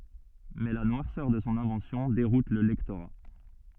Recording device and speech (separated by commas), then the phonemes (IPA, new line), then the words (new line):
soft in-ear microphone, read sentence
mɛ la nwaʁsœʁ də sɔ̃ ɛ̃vɑ̃sjɔ̃ deʁut lə lɛktoʁa
Mais la noirceur de son invention déroute le lectorat.